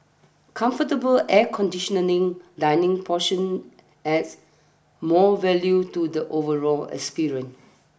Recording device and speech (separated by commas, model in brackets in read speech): boundary microphone (BM630), read sentence